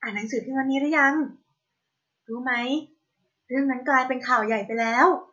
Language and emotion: Thai, happy